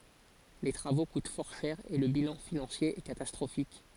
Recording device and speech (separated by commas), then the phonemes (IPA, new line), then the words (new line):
forehead accelerometer, read sentence
le tʁavo kut fɔʁ ʃɛʁ e lə bilɑ̃ finɑ̃sje ɛ katastʁofik
Les travaux coûtent fort cher et le bilan financier est catastrophique.